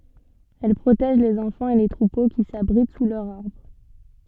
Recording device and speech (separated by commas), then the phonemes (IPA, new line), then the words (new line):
soft in-ear microphone, read sentence
ɛl pʁotɛʒ lez ɑ̃fɑ̃z e le tʁupo ki sabʁit su lœʁz aʁbʁ
Elles protègent les enfants et les troupeaux qui s’abritent sous leurs arbres.